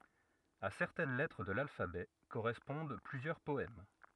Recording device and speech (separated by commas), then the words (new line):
rigid in-ear microphone, read sentence
À certaines lettres de l'alphabet correspondent plusieurs poèmes.